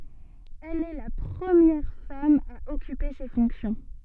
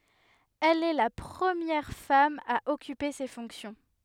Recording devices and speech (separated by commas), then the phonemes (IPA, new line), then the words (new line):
soft in-ear microphone, headset microphone, read sentence
ɛl ɛ la pʁəmjɛʁ fam a ɔkype se fɔ̃ksjɔ̃
Elle est la première femme à occuper ces fonctions.